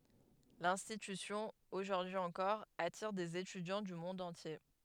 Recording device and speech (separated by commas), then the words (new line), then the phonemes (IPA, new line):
headset microphone, read sentence
L'institution, aujourd’hui encore, attire des étudiants du monde entier.
lɛ̃stitysjɔ̃ oʒuʁdyi ɑ̃kɔʁ atiʁ dez etydjɑ̃ dy mɔ̃d ɑ̃tje